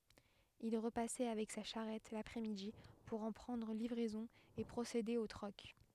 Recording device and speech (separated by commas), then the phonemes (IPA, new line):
headset microphone, read sentence
il ʁəpasɛ avɛk sa ʃaʁɛt lapʁɛ midi puʁ ɑ̃ pʁɑ̃dʁ livʁɛzɔ̃ e pʁosede o tʁɔk